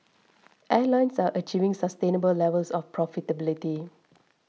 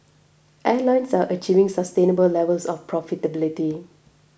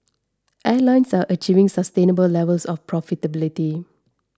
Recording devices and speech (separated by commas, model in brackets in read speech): mobile phone (iPhone 6), boundary microphone (BM630), standing microphone (AKG C214), read sentence